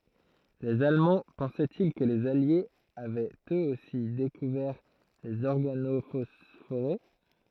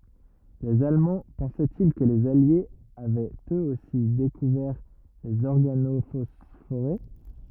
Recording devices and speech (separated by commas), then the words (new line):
throat microphone, rigid in-ear microphone, read sentence
Les Allemands pensaient-ils que les Alliés avaient eux aussi découvert les organophosphorés?